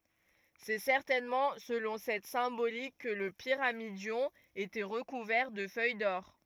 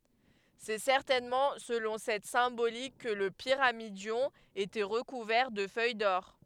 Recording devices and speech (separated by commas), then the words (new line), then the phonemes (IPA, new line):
rigid in-ear microphone, headset microphone, read sentence
C'est certainement selon cette symbolique que le pyramidion était recouvert de feuilles d'or.
sɛ sɛʁtɛnmɑ̃ səlɔ̃ sɛt sɛ̃bolik kə lə piʁamidjɔ̃ etɛ ʁəkuvɛʁ də fœj dɔʁ